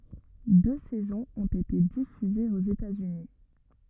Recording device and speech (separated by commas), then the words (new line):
rigid in-ear microphone, read sentence
Deux saisons ont été diffusées aux États-Unis.